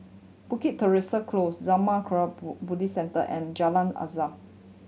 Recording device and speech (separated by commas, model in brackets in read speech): mobile phone (Samsung C7100), read sentence